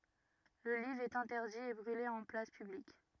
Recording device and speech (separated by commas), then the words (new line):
rigid in-ear microphone, read sentence
Le livre est interdit et brûlé en place publique.